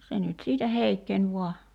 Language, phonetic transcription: Finnish, 'se nyt 'siitä "heikkeń vua .
- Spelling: se nyt siitä heikkeni vain

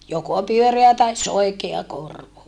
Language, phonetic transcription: Finnish, joko pyöreä tais soikea korvo .
- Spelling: joko pyöreä tai soikea korvo

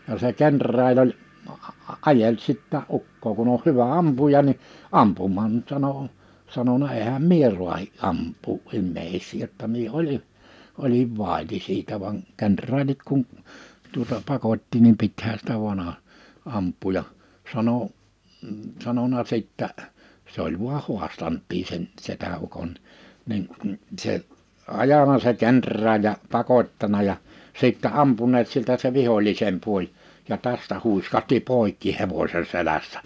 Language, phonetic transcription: Finnish, ja se 'kenr̆raal ‿oĺ , '’ajeĺ 'sittää '"ukkoo kuh ‿oh 'hyvä 'ampuja ni , 'ampum̆maamt (mu)t , sano , 'sanona » 'ehäm "mie ruahi’ '’amp̀uu’ '’immèisii jotta mie 'oĺi , 'oliv 'vàiti siitä vaŋ , 'kenᴰr̆raaĺit kun , tuota 'pakot́ti nim 'pithää sitä 'vᵘan ‿a- , 'amp̆pù ja « , 'sano , 'sanona 'sìttä’ , 'se ‿oĺ vuaʰ 'huastant̆tii sen , 'setä₍ukon , nin , 'se , 'ajana se "kenᴰr̆raaĺ ja , 'pakot́tana jà , 'sìttɛ 'ampuneet 'siltä se 'vihoĺisem 'puoĺ , ja 'tästä 'hùiskahti "poikki 'hevośe 'selässᴀ̈ .
- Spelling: ja se kenraali oli ajeli sitäkin ukkoa kun on hyvä ampuja niin ampumaan mutta sanoi sanonut enhän minä raatsi ampua ihmisiä jotta minä olin olin vaiti siitä vaan kenraalit kun tuota pakotti niin pitihän sitä vain - ampua ja sanoi sanonut sitten se oli vain haastanutkin sen setäukon niin se ajanut se kenraali ja pakottanut ja sitten ampuneet siltä se vihollisen puoli ja tästä huiskahti poikki hevosen selässä

